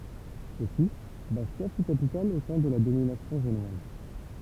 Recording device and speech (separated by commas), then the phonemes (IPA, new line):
temple vibration pickup, read sentence
osi bastja fy kapital o tɑ̃ də la dominasjɔ̃ ʒenwaz